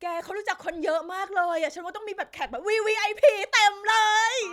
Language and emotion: Thai, happy